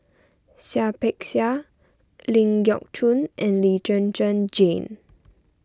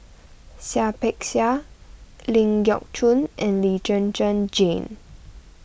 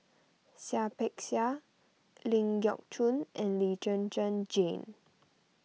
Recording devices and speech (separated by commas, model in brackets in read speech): standing microphone (AKG C214), boundary microphone (BM630), mobile phone (iPhone 6), read sentence